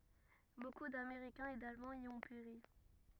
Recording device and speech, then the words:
rigid in-ear microphone, read sentence
Beaucoup d'Américains et d'Allemands y ont péri.

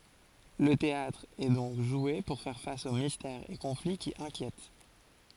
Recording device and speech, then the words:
forehead accelerometer, read sentence
Le théâtre est donc joué pour faire face aux mystères et conflits qui inquiètent.

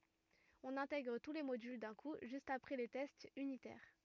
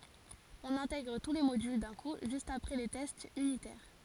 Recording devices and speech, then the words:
rigid in-ear microphone, forehead accelerometer, read sentence
On intègre tous les modules d'un coup juste après les tests unitaires.

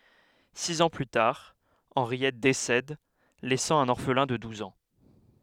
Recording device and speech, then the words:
headset microphone, read sentence
Six ans plus tard, Henriette décède, laissant un orphelin de douze ans.

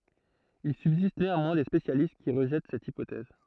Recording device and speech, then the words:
throat microphone, read sentence
Il subsiste néanmoins des spécialistes qui rejettent cette hypothèse.

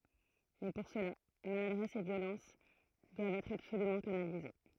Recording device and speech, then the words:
throat microphone, read sentence
Mais pour cela, maladresse et violence doivent être absolument canalisées.

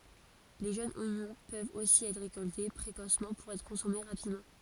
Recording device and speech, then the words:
forehead accelerometer, read sentence
Les jeunes oignons peuvent aussi être récoltés précocement pour être consommés rapidement.

